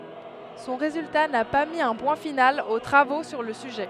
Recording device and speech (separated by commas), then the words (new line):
headset microphone, read sentence
Son résultat n'a pas mis un point final aux travaux sur le sujet.